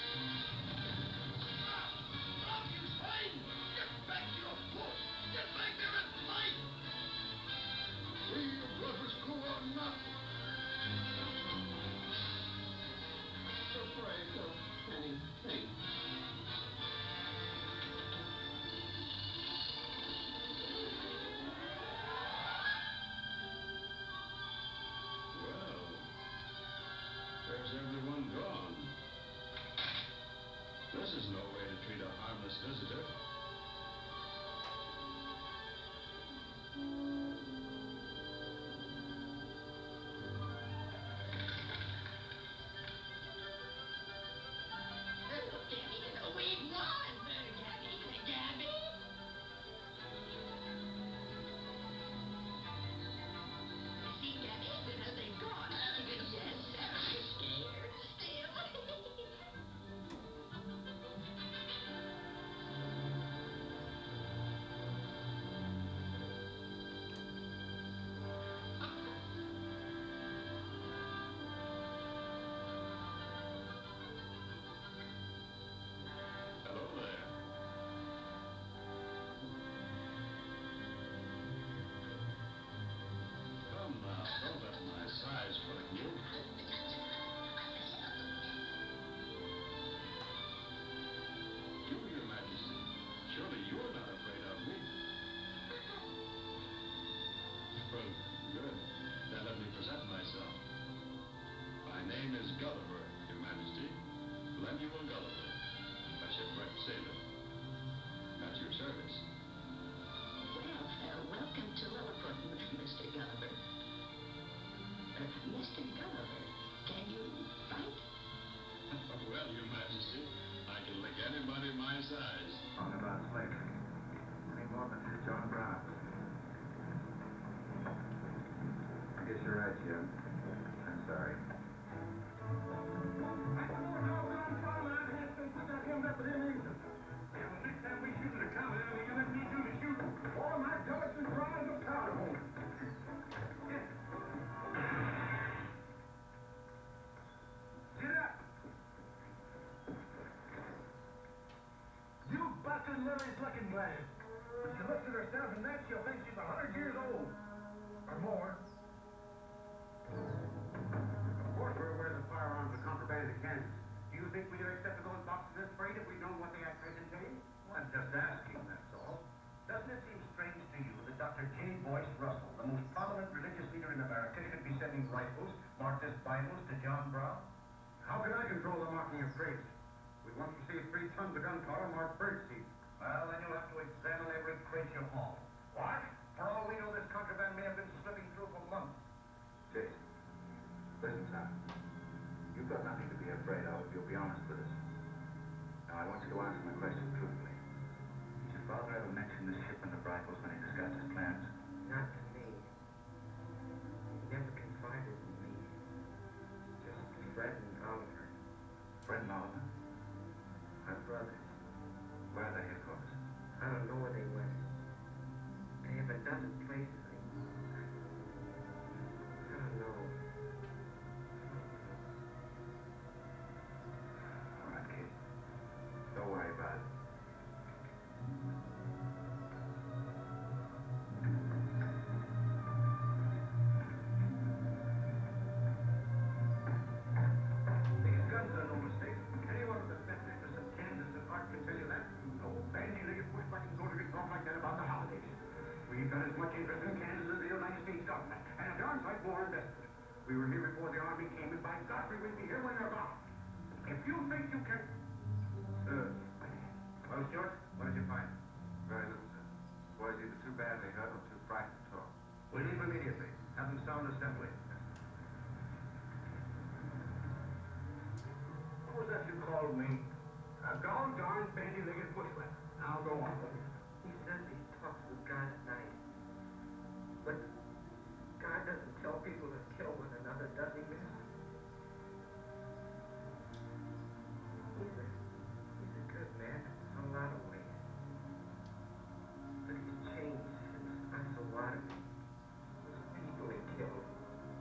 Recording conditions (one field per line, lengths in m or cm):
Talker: no one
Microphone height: 1.8 m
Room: medium-sized (5.7 m by 4.0 m)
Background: television